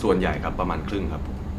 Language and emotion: Thai, neutral